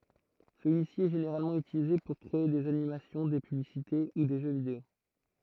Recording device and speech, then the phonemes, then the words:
throat microphone, read sentence
səlyisi ɛ ʒeneʁalmɑ̃ ytilize puʁ kʁee dez animasjɔ̃ de pyblisite u de ʒø video
Celui-ci est généralement utilisé pour créer des animations, des publicités ou des jeux vidéo.

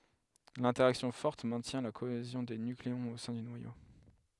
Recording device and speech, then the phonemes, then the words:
headset microphone, read sentence
lɛ̃tɛʁaksjɔ̃ fɔʁt mɛ̃tjɛ̃ la koezjɔ̃ de nykleɔ̃z o sɛ̃ dy nwajo
L'interaction forte maintient la cohésion des nucléons au sein du noyau.

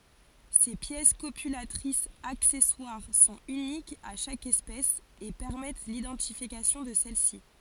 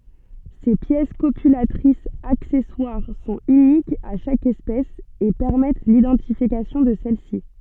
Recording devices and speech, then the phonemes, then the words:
forehead accelerometer, soft in-ear microphone, read sentence
se pjɛs kopylatʁisz aksɛswaʁ sɔ̃t ynikz a ʃak ɛspɛs e pɛʁmɛt lidɑ̃tifikasjɔ̃ də sɛlsi
Ces pièces copulatrices accessoires sont uniques à chaque espèce et permettent l'identification de celle-ci.

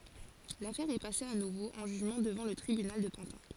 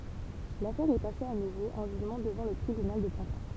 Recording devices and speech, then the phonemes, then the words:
forehead accelerometer, temple vibration pickup, read sentence
lafɛʁ ɛ pase a nuvo ɑ̃ ʒyʒmɑ̃ dəvɑ̃ lə tʁibynal də pɑ̃tɛ̃
L'affaire est passée à nouveau en jugement devant le tribunal de Pantin.

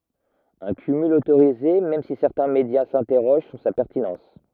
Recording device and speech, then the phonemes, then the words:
rigid in-ear microphone, read sentence
œ̃ kymyl otoʁize mɛm si sɛʁtɛ̃ medja sɛ̃tɛʁoʒ syʁ sa pɛʁtinɑ̃s
Un cumul autorisé même si certains médias s'interrogent sur sa pertinence.

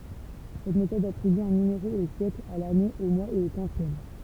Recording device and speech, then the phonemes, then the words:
temple vibration pickup, read sentence
sɛt metɔd atʁiby œ̃ nymeʁo o sjɛkl a lane o mwaz e o kwɑ̃sjɛm
Cette méthode attribue un numéro au siècle, à l'année, au mois et au quantième.

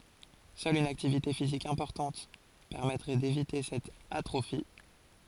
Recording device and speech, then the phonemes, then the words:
forehead accelerometer, read sentence
sœl yn aktivite fizik ɛ̃pɔʁtɑ̃t pɛʁmɛtʁɛ devite sɛt atʁofi
Seule une activité physique importante permettrait d'éviter cette atrophie.

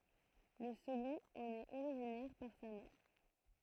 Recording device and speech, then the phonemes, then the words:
throat microphone, read sentence
lə səɡɔ̃t ɑ̃n ɛt oʁiʒinɛʁ paʁ sa mɛʁ
Le second en est originaire par sa mère.

